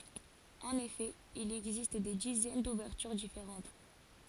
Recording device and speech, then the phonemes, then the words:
forehead accelerometer, read sentence
ɑ̃n efɛ il ɛɡzist de dizɛn duvɛʁtyʁ difeʁɑ̃t
En effet, il existe des dizaines d'ouvertures différentes.

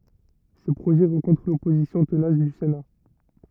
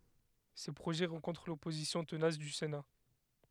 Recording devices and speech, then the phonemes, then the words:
rigid in-ear microphone, headset microphone, read sentence
se pʁoʒɛ ʁɑ̃kɔ̃tʁ lɔpozisjɔ̃ tənas dy sena
Ces projets rencontrent l’opposition tenace du Sénat.

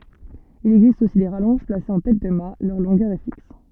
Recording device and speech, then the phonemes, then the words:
soft in-ear microphone, read sentence
il ɛɡzist osi de ʁalɔ̃ʒ plasez ɑ̃ tɛt də mat lœʁ lɔ̃ɡœʁ ɛ fiks
Il existe aussi des rallonges placées en tête de mat, leur longueur est fixe.

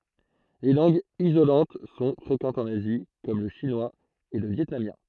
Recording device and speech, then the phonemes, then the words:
throat microphone, read sentence
le lɑ̃ɡz izolɑ̃t sɔ̃ fʁekɑ̃tz ɑ̃n azi kɔm lə ʃinwaz e lə vjɛtnamjɛ̃
Les langues isolantes sont fréquentes en Asie comme le chinois et le vietnamien.

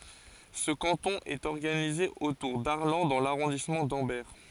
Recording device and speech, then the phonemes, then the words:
forehead accelerometer, read sentence
sə kɑ̃tɔ̃ ɛt ɔʁɡanize otuʁ daʁlɑ̃ dɑ̃ laʁɔ̃dismɑ̃ dɑ̃bɛʁ
Ce canton est organisé autour d'Arlanc dans l'arrondissement d'Ambert.

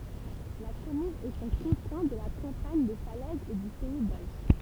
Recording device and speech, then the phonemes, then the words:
temple vibration pickup, read sentence
la kɔmyn ɛt o kɔ̃fɛ̃ də la kɑ̃paɲ də falɛz e dy pɛi doʒ
La commune est aux confins de la campagne de Falaise et du pays d'Auge.

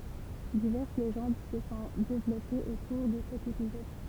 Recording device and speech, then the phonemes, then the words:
temple vibration pickup, read sentence
divɛʁs leʒɑ̃d sə sɔ̃ devlɔpez otuʁ də sɛt epizɔd
Diverses légendes se sont développées autour de cet épisode.

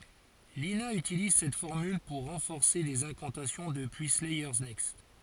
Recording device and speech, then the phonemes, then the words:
forehead accelerometer, read sentence
lina ytiliz sɛt fɔʁmyl puʁ ʁɑ̃fɔʁse dez ɛ̃kɑ̃tasjɔ̃ dəpyi slɛjœʁ nɛkst
Lina utilise cette formule pour renforcer des incantations depuis Slayers Next.

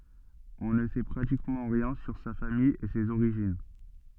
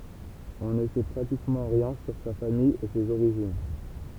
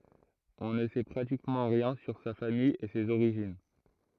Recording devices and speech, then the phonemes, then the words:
soft in-ear microphone, temple vibration pickup, throat microphone, read sentence
ɔ̃ nə sɛ pʁatikmɑ̃ ʁjɛ̃ syʁ sa famij e sez oʁiʒin
On ne sait pratiquement rien sur sa famille et ses origines.

